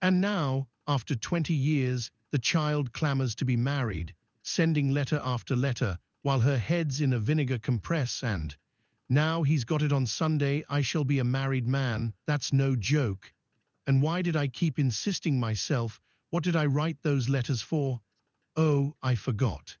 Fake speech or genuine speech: fake